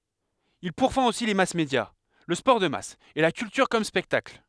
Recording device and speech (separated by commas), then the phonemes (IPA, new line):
headset microphone, read sentence
il puʁfɑ̃t osi le masmedja lə spɔʁ də mas e la kyltyʁ kɔm spɛktakl